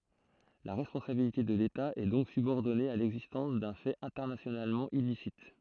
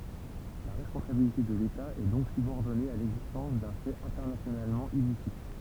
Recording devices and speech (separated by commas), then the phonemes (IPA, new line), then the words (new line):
throat microphone, temple vibration pickup, read sentence
la ʁɛspɔ̃sabilite də leta ɛ dɔ̃k sybɔʁdɔne a lɛɡzistɑ̃s dœ̃ fɛt ɛ̃tɛʁnasjonalmɑ̃ ilisit
La responsabilité de l’État est donc subordonnée à l'existence d'un fait internationalement illicite.